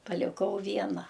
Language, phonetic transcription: Lithuanian, paliˈkau ˈviena

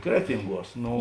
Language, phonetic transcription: Lithuanian, ˈkretinˌguos ˈno

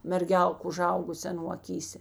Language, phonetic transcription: Lithuanian, merˈgelk uˈžaugusė aˈnų aˈkysė

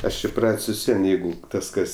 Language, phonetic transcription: Lithuanian, ˈaš iˈprat's' vis ˈvien ˈjeigu ˈtas ˈkas

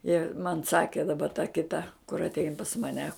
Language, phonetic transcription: Lithuanian, ji man ˈsakė daˈba ta kiˈta kur atˈein pas maˈne

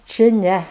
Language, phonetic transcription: Lithuanian, či ˈne

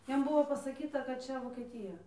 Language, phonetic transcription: Lithuanian, ˈjiem ˈbuvo pasaˈkyta kad ˈčia vokieˈtyja

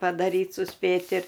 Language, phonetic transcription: Lithuanian, padaˈryt suˈspėt' ir

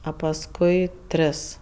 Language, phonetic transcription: Lithuanian, a pasˈkui ˈtris

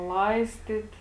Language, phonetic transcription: Lithuanian, ˈlaistit

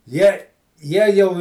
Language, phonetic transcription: Lithuanian, ˈjie ˈjie jau

